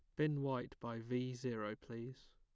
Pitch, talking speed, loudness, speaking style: 125 Hz, 170 wpm, -43 LUFS, plain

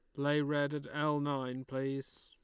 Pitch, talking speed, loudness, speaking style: 145 Hz, 175 wpm, -35 LUFS, Lombard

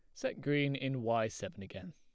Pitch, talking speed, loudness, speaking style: 120 Hz, 210 wpm, -36 LUFS, plain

